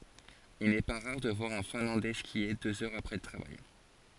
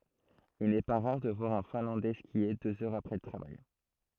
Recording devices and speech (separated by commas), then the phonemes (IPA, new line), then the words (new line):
forehead accelerometer, throat microphone, read sentence
il nɛ pa ʁaʁ də vwaʁ œ̃ fɛ̃lɑ̃dɛ skje døz œʁz apʁɛ lə tʁavaj
Il n'est pas rare de voir un Finlandais skier deux heures après le travail.